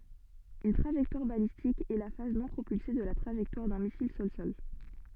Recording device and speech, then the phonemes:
soft in-ear microphone, read sentence
yn tʁaʒɛktwaʁ balistik ɛ la faz nɔ̃ pʁopylse də la tʁaʒɛktwaʁ dœ̃ misil sɔlsɔl

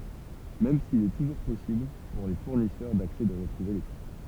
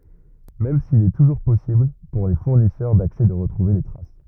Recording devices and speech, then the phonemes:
temple vibration pickup, rigid in-ear microphone, read sentence
mɛm sil ɛ tuʒuʁ pɔsibl puʁ le fuʁnisœʁ daksɛ də ʁətʁuve le tʁas

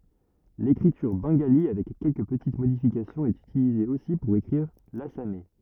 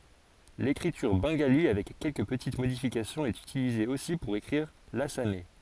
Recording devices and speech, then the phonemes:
rigid in-ear microphone, forehead accelerometer, read sentence
lekʁityʁ bɑ̃ɡali avɛk kɛlkə pətit modifikasjɔ̃z ɛt ytilize osi puʁ ekʁiʁ lasamɛ

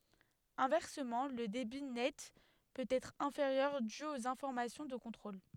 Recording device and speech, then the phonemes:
headset microphone, read sentence
ɛ̃vɛʁsəmɑ̃ lə debi nɛt pøt ɛtʁ ɛ̃feʁjœʁ dy oz ɛ̃fɔʁmasjɔ̃ də kɔ̃tʁol

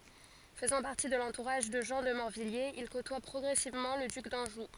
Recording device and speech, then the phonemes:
forehead accelerometer, read sentence
fəzɑ̃ paʁti də lɑ̃tuʁaʒ də ʒɑ̃ də mɔʁvijjez il kotwa pʁɔɡʁɛsivmɑ̃ lə dyk dɑ̃ʒu

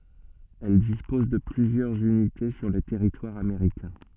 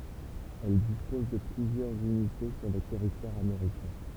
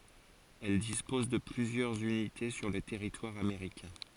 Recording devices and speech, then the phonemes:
soft in-ear microphone, temple vibration pickup, forehead accelerometer, read sentence
ɛl dispɔz də plyzjœʁz ynite syʁ lə tɛʁitwaʁ ameʁikɛ̃

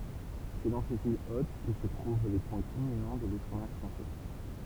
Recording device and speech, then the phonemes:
temple vibration pickup, read sentence
sɛ dɑ̃ sez il ot kə sə tʁuv le pwɛ̃ kylminɑ̃ də lutʁ mɛʁ fʁɑ̃sɛ

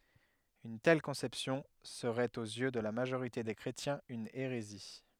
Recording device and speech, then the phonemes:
headset microphone, read sentence
yn tɛl kɔ̃sɛpsjɔ̃ səʁɛt oz jø də la maʒoʁite de kʁetjɛ̃z yn eʁezi

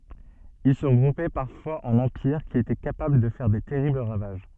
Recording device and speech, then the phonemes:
soft in-ear microphone, read sentence
il sə ʁəɡʁupɛ paʁfwaz ɑ̃n ɑ̃piʁ ki etɛ kapabl də fɛʁ de tɛʁibl ʁavaʒ

